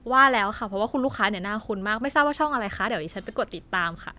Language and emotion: Thai, happy